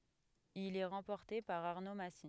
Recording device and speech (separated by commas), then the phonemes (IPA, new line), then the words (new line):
headset microphone, read sentence
il ɛ ʁɑ̃pɔʁte paʁ aʁno masi
Il est remporté par Arnaud Massy.